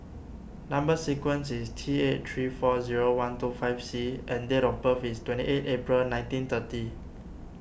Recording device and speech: boundary microphone (BM630), read sentence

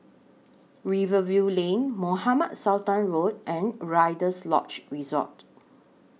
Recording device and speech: mobile phone (iPhone 6), read sentence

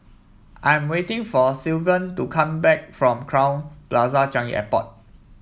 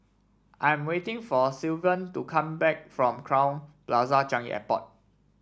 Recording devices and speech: mobile phone (iPhone 7), standing microphone (AKG C214), read sentence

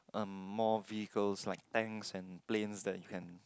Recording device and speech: close-talking microphone, conversation in the same room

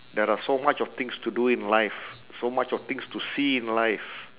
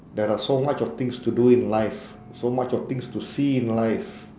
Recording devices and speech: telephone, standing microphone, conversation in separate rooms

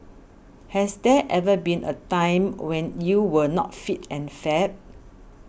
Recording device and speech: boundary microphone (BM630), read sentence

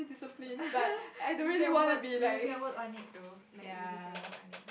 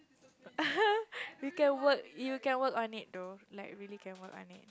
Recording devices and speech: boundary microphone, close-talking microphone, conversation in the same room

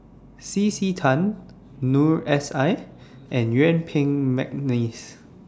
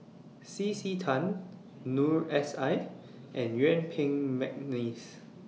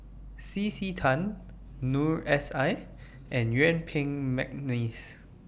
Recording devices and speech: standing microphone (AKG C214), mobile phone (iPhone 6), boundary microphone (BM630), read sentence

